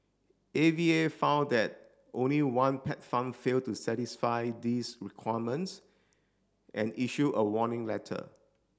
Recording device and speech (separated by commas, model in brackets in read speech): standing microphone (AKG C214), read sentence